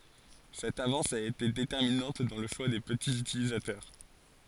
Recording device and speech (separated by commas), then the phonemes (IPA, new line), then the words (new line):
forehead accelerometer, read sentence
sɛt avɑ̃s a ete detɛʁminɑ̃t dɑ̃ lə ʃwa de pətiz ytilizatœʁ
Cette avance a été déterminante dans le choix des petits utilisateurs.